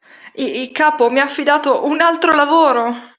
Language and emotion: Italian, fearful